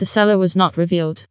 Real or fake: fake